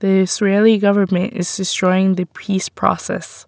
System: none